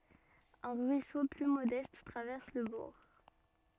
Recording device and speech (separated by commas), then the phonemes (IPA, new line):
soft in-ear microphone, read sentence
œ̃ ʁyiso ply modɛst tʁavɛʁs lə buʁ